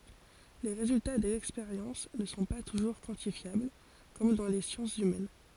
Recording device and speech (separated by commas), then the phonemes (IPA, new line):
forehead accelerometer, read sentence
le ʁezylta dez ɛkspeʁjɑ̃s nə sɔ̃ pa tuʒuʁ kwɑ̃tifjabl kɔm dɑ̃ le sjɑ̃sz ymɛn